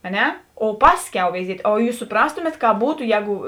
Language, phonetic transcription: Lithuanian, a ˈne o ˈpasˌkiau veiˈziet' o ˈjūs suˈprastumėt ˈkāp ˈbūtu ˈjēgu

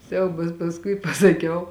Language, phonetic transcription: Lithuanian, ˈsiaubas pasˈkui pasaˈkiau

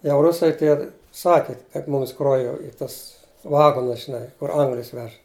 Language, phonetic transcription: Lithuanian, jau ˈrusai ˈtie ˈsaki kad ˈmums ˈkro jau i ˈtas ˈvagonus žiˈnai kur ˈanglis ˈvež

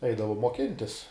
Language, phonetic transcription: Lithuanian, ˈeidavum moˈkintis

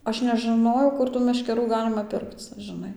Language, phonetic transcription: Lithuanian, ˈaš nežɨˈnojau ˈkur tų meškeˈrų ˈgalima ˈpirkc žɨˈnai

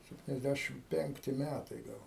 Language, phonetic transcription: Lithuanian, septiniasˈdæšim ˈpenkti ˈmætai ˈgal

